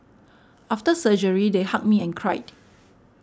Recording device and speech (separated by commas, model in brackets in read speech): standing microphone (AKG C214), read sentence